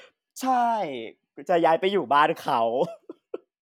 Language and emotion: Thai, happy